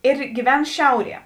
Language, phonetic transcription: Lithuanian, ir gyˈven ˈšiauˌrie

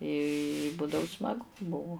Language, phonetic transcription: Lithuanian, i ˈbūdavu smaˈgu ˈbuvu

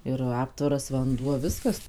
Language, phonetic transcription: Lithuanian, ir ˈaptvaras vanˈduo ˈviskas

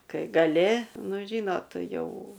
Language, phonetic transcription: Lithuanian, ˈkai gaˈli ˈnu ˈžynot ˈjau

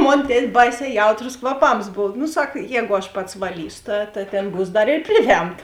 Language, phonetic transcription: Lithuanian, ˈmon ˈtet' ˈbaiˌsē ˈjautros kvaˈpams ˈbov nu ˈsak ˈjēgu aš ˈpats vaˈlysu ˈta ta ˈtėn ˈbūs ˈdar ir ˈpriˌvemta

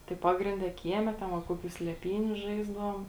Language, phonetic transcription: Lithuanian, tai ˈpagrinˌde ˈkieˌme ten va ˈkoˌkių sleˈpyniu ˈžaisdavom

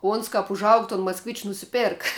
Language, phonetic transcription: Lithuanian, ˈons kap užˈaug ton maskˈvičiu nusiˈpėrk

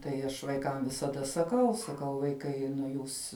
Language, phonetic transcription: Lithuanian, tai ˈaš vaiˈkam visaˈda saˈkau saˈkau vaiˈkai nu ˈjūs

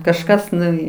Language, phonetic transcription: Lithuanian, kažˈkas nuˈvy

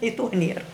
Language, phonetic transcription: Lithuanian, i ˈto ˈnier

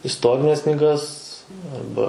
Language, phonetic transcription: Lithuanian, isˈtorines knyˈgas arˈba

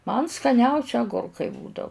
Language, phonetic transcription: Lithuanian, man skaˈniausi aˈgurkai ˈbūdau

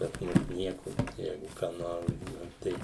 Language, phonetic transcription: Lithuanian, pas ˈmus ˈnieko ˈjeigu ką ˈnor ˈbūva ˈtei

